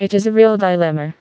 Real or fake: fake